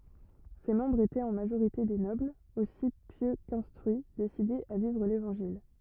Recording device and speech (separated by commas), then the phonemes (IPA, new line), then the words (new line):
rigid in-ear microphone, read sentence
se mɑ̃bʁz etɛt ɑ̃ maʒoʁite de nɔblz osi pjø kɛ̃stʁyi desidez a vivʁ levɑ̃ʒil
Ses membres étaient en majorité des nobles, aussi pieux qu'instruits, décidés à vivre l'Évangile.